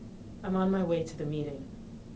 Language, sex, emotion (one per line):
English
female
neutral